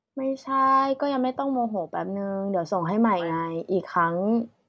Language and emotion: Thai, frustrated